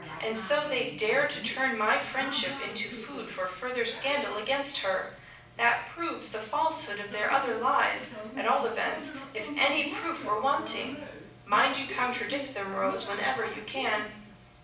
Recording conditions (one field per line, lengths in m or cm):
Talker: one person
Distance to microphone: 5.8 m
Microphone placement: far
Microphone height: 1.8 m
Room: medium-sized (5.7 m by 4.0 m)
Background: television